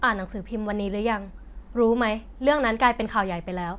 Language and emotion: Thai, neutral